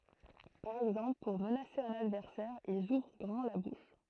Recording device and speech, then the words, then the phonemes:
throat microphone, read sentence
Par exemple pour menacer un adversaire, ils ouvrent grand la bouche.
paʁ ɛɡzɑ̃pl puʁ mənase œ̃n advɛʁsɛʁ ilz uvʁ ɡʁɑ̃ la buʃ

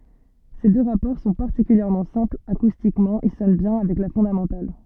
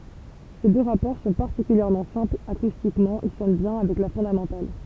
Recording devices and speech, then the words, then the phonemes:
soft in-ear microphone, temple vibration pickup, read sentence
Ces deux rapports sont particulièrement simples, acoustiquement ils sonnent bien avec la fondamentale.
se dø ʁapɔʁ sɔ̃ paʁtikyljɛʁmɑ̃ sɛ̃plz akustikmɑ̃ il sɔn bjɛ̃ avɛk la fɔ̃damɑ̃tal

